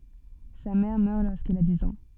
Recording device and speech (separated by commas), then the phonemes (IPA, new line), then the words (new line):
soft in-ear microphone, read sentence
sa mɛʁ mœʁ loʁskil a diz ɑ̃
Sa mère meurt lorsqu'il a dix ans.